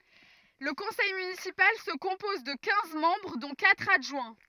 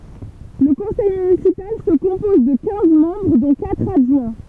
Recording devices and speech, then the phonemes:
rigid in-ear microphone, temple vibration pickup, read sentence
lə kɔ̃sɛj mynisipal sə kɔ̃pɔz də kɛ̃z mɑ̃bʁ dɔ̃ katʁ adʒwɛ̃

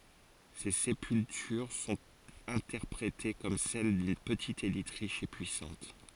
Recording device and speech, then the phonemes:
forehead accelerometer, read sentence
se sepyltyʁ sɔ̃t ɛ̃tɛʁpʁete kɔm sɛl dyn pətit elit ʁiʃ e pyisɑ̃t

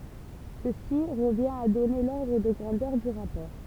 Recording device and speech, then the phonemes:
temple vibration pickup, read sentence
səsi ʁəvjɛ̃t a dɔne lɔʁdʁ də ɡʁɑ̃dœʁ dy ʁapɔʁ

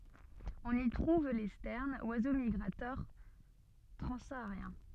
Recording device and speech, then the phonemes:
soft in-ear microphone, read sentence
ɔ̃n i tʁuv le stɛʁnz wazo miɡʁatœʁ tʁɑ̃saaʁjɛ̃

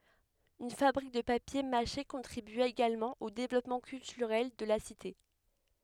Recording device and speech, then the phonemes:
headset microphone, read sentence
yn fabʁik də papje maʃe kɔ̃tʁibya eɡalmɑ̃ o devlɔpmɑ̃ kyltyʁɛl də la site

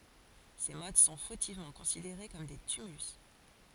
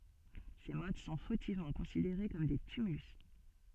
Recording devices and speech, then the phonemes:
forehead accelerometer, soft in-ear microphone, read sentence
se mɔt sɔ̃ fotivmɑ̃ kɔ̃sideʁe kɔm de tymylys

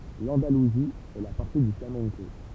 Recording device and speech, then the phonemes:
temple vibration pickup, read sentence
lɑ̃daluzi ɛ la patʁi dy flamɛ̃ko

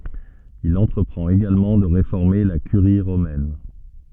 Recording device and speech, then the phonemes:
soft in-ear microphone, read sentence
il ɑ̃tʁəpʁɑ̃t eɡalmɑ̃ də ʁefɔʁme la kyʁi ʁomɛn

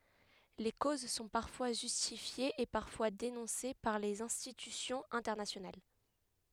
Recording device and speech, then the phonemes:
headset microphone, read sentence
le koz sɔ̃ paʁfwa ʒystifjez e paʁfwa denɔ̃se paʁ lez ɛ̃stitysjɔ̃z ɛ̃tɛʁnasjonal

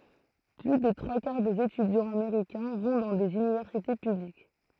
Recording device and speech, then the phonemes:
throat microphone, read sentence
ply de tʁwa kaʁ dez etydjɑ̃z ameʁikɛ̃ vɔ̃ dɑ̃ dez ynivɛʁsite pyblik

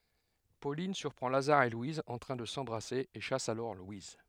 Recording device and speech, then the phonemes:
headset microphone, read sentence
polin syʁpʁɑ̃ lazaʁ e lwiz ɑ̃ tʁɛ̃ də sɑ̃bʁase e ʃas alɔʁ lwiz

